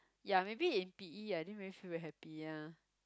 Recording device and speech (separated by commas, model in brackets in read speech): close-talking microphone, conversation in the same room